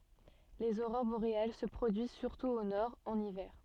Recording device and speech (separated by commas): soft in-ear microphone, read sentence